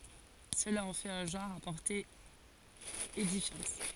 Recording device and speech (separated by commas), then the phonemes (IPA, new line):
forehead accelerometer, read sentence
səla ɑ̃ fɛt œ̃ ʒɑ̃ʁ a pɔʁte edifjɑ̃t